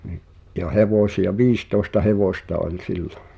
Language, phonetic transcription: Finnish, ɴɪ’ , ’ja 'hevòsi₍a "viistòesta 'hevòsta oĺ 'sillᴏ .
- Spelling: niin ja hevosia viisitoista hevosta oli sillä

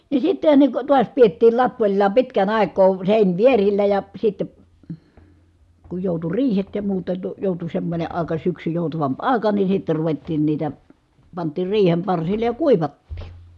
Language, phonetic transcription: Finnish, ni sittehä ne ko tuas piettiil lappoĺlaa pitkän ài̮k̀oo , sèinvierillä ja , sitte , ku jòutu riihet ja muuta to- , jòutu semmońe ài̮ka syksy jòutavamp ài̮ka ni sitte ruvettiin niitä , pant̀iir riihem parsillej ja kuivattii .
- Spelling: niin sittenhän ne kun taas pidettiin lapoillaan pitkän aikaa seinivierillä ja sitten kun joutui riihet ja muuta - joutui semmoinen aika syksy joutavampi aika niin sitten ruvettiin niitä pantiin riihen parsille ja kuivattiin

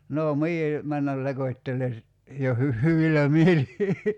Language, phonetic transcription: Finnish, 'nò "mie , 'männäl "lekot́tele si- , jo hy- , 'hyvilä 'mieli .
- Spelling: no minä mennä lekottelen - jo - hyvillä mielin

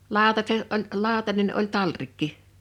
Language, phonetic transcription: Finnish, 'lào̭taset oĺ , 'ĺào̭tanen oĺ "talrikki .
- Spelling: lautaset oli lautanen oli talrikki

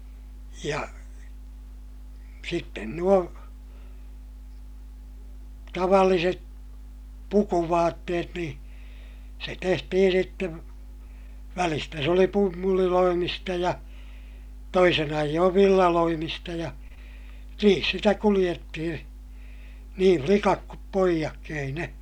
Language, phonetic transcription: Finnish, ja , sitten nuo , tavalliset , pukuvaatteet niḭ , se tehtihin sittev , välistä se oli pummuliloimista ja , toisin ‿aijjoov villaloimista ja , niin sitä kuliʲettihiḭ , nii flikak kup poijakki ei ne ,.
- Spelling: ja sitten nuo tavalliset pukuvaatteet niin se tehtiin sitten välistä se oli pumpuliloimista ja toisin ajoin villaloimista ja niin sitä kuljettiin niin likat kuin pojatkin ei ne

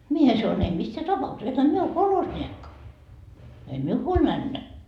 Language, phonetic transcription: Finnish, 'mie sa₍on » em missää "tapa₍ukses , ehä 'mie o "kolhosńiekka , ei "miu huoĺ 'männä .
- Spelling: minä sanoin en missään tapauksessa enhän minä ole kolhosniekka ei minun huoli mennä

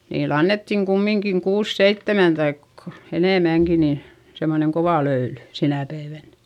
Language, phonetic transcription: Finnish, niil ‿annettiŋ kummiŋkiŋ kuus seittemän taik , enèmäŋki nii , semmoneŋ kovà löyly , sinä päivän .
- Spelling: niille annettiin kumminkin kuusi seitsemän tai enemmänkin niin semmoinen kova löyly sinä päivänä

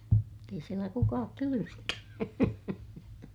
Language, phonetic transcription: Finnish, mutt ‿ei sielä kukaak kyly- - .
- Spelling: mutta ei siellä kukaan -

